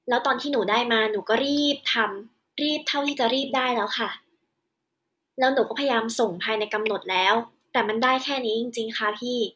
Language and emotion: Thai, frustrated